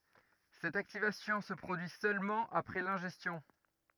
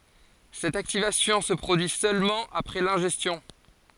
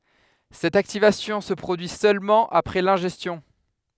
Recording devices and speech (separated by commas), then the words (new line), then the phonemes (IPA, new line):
rigid in-ear microphone, forehead accelerometer, headset microphone, read sentence
Cette activation se produit seulement après l'ingestion.
sɛt aktivasjɔ̃ sə pʁodyi sølmɑ̃ apʁɛ lɛ̃ʒɛstjɔ̃